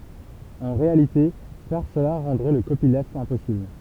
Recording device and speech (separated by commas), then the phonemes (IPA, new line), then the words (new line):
temple vibration pickup, read sentence
ɑ̃ ʁealite fɛʁ səla ʁɑ̃dʁɛ lə kopilft ɛ̃pɔsibl
En réalité, faire cela rendrait le copyleft impossible.